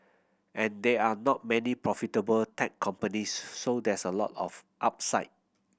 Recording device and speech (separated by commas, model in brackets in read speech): boundary microphone (BM630), read sentence